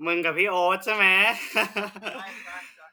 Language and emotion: Thai, happy